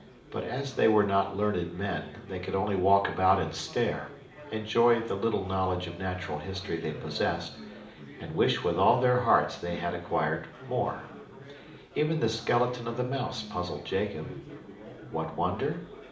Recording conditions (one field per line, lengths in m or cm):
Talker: one person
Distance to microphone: 2.0 m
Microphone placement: close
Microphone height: 99 cm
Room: medium-sized (5.7 m by 4.0 m)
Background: babble